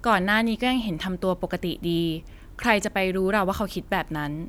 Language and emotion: Thai, neutral